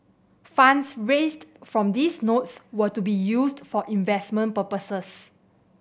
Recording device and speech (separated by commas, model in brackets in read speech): boundary microphone (BM630), read sentence